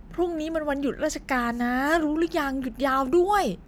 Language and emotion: Thai, happy